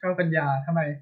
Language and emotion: Thai, neutral